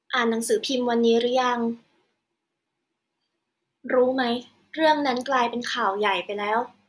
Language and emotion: Thai, neutral